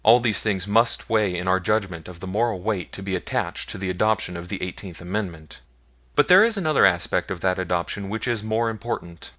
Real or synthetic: real